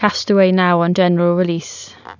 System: none